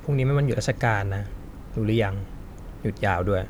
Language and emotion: Thai, neutral